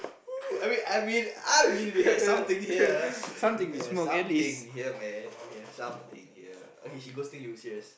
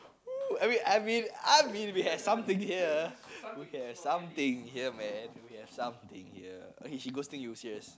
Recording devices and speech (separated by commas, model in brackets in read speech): boundary microphone, close-talking microphone, conversation in the same room